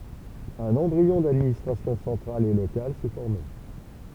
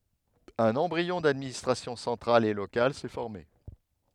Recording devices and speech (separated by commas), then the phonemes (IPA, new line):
temple vibration pickup, headset microphone, read sentence
œ̃n ɑ̃bʁiɔ̃ dadministʁasjɔ̃ sɑ̃tʁal e lokal sɛ fɔʁme